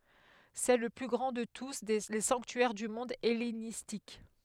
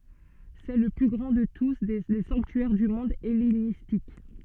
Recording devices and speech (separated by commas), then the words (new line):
headset microphone, soft in-ear microphone, read sentence
C'est le plus grand de tous les sanctuaires du monde hellénistique.